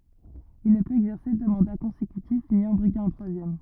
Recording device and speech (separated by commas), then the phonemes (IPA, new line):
rigid in-ear microphone, read sentence
il nə pøt ɛɡzɛʁse dø mɑ̃da kɔ̃sekytif ni ɑ̃ bʁiɡe œ̃ tʁwazjɛm